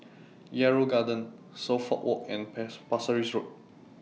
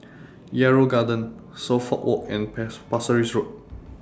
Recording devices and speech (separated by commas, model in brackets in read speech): mobile phone (iPhone 6), standing microphone (AKG C214), read sentence